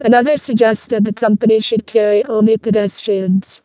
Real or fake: fake